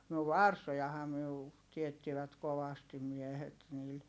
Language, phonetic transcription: Finnish, no varsojahaa myö u- , tiettivät kovastim miɛhet niil .
- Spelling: no varsojahan me - teettivät kovasti miehet niillä

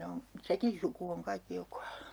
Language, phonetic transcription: Finnish, 'ne on , "sekin suku oŋ 'kaikki 'jo kualU .
- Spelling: ne on sekin suku on kaikki jo kuollut

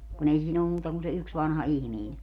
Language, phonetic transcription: Finnish, kun ‿ei 'siin ‿ollum 'muuta kun se 'yks 'vanha "ihmiin .
- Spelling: kun ei siinä ollut muuta kuin se yksi vanha ihminen

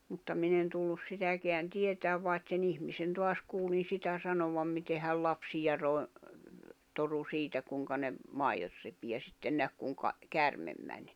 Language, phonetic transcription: Finnish, mutta 'min ‿en tullus 'sitäkeän 'tietääv vàet se'n ‿ihmisen toas kuulin 'sitä 'sanovam mite häl 'lapsija ròi̬- , toru 'siitä kùŋka ne , 'maiʲot repi ja sitten 'näk kùŋka , 'kärmem mäń .
- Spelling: mutta minä en tullut sitäkään tietämään vaan sen ihmisen taas kuulin sitä sanovan miten hän lapsia - torui siitä kuinka ne maidot repi ja sitten näki kuinka käärme meni

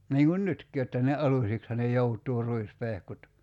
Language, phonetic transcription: Finnish, 'niiŋ̳ŋ̳§un "nytk̀i jotta ne '’alusiksha ne 'jout̀uu 'ruispehkut .
- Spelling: niin kuin nytkin jotta ne alusiksihan ne joutuu ruispehkut

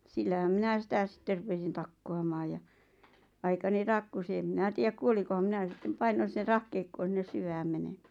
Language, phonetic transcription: Finnish, 'sillähäm 'minä 'sitä 'sⁱtter rupesin 'takkoamaaj ja , aikani "takkusi em 'mⁱnä tiäk 'kuoliko ᵛᵃᵐ 'ᵐⁱnä sittem "painon̬ ˢⁱⁿⁿᵉʳ "rahkeikkoon̬ sinnes 'syvääm 'menemᴀ̈ᴀ̈ .
- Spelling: sillähän minä sitä sitten rupesin takkuamaan ja aikani takkusin en minä tiedä kuoliko vaan minä sitten painoin sinne rahkeikkoon sinne syvään menemään

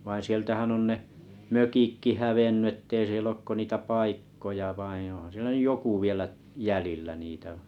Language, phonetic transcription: Finnish, vaiⁱ̰ 'sieltähän 'on ne , "mökikki 'hävenny ‿ettei siel'l ‿ook ko 'niitä "pàikkoja 'vaiḭ ohaa̰ sielä 'nyʲ "joku 'vielä , "jälillä niitä ,.
- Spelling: vaan sieltähän on ne mökitkin hävinnyt että ei siellä ole kuin niitä paikkoja vain onhan siellä nyt joku vielä jäljellä niitä

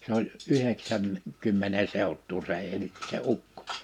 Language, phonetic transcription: Finnish, se ‿oĺ , 'yheksän- , -'kymmene 'sèuttuu se 'eĺ , se 'ukkᴏ .
- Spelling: se oli - yhdeksänkymmenen seutua se eli se ukko

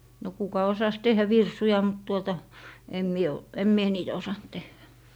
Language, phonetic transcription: Finnish, no kuka 'osas 'teh̀ä "virsuja mut tuota , em 'mie o , em 'mie "niitä osant tehhä .
- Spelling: no kuka osasi tehdä virsuja mutta tuota en minä ole en minä niitä osannut tehdä

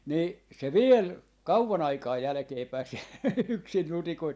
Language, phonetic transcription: Finnish, ni , se 'viel , "kauva'n ‿aikaa 'jälᵃ̈keepäi siel 'yksin 'nutikoit .
- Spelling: niin se vielä kauan aikaa jälkeenpäin siellä yksin nutikoitsi

